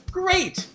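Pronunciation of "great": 'Great' is said with an intonation that makes it mean wonderful, fantastic, not the intonation that means 'oh no, this is terrible'.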